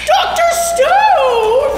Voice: high pitched